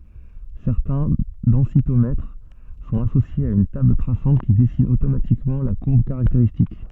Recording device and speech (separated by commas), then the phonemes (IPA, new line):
soft in-ear microphone, read sentence
sɛʁtɛ̃ dɑ̃sitomɛtʁ sɔ̃t asosjez a yn tabl tʁasɑ̃t ki dɛsin otomatikmɑ̃ la kuʁb kaʁakteʁistik